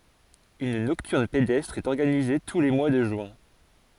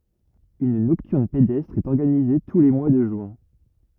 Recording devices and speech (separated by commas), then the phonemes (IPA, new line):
forehead accelerometer, rigid in-ear microphone, read sentence
yn nɔktyʁn pedɛstʁ ɛt ɔʁɡanize tu le mwa də ʒyɛ̃